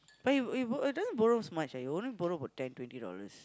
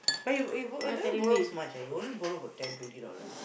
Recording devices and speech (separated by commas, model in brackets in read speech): close-talking microphone, boundary microphone, conversation in the same room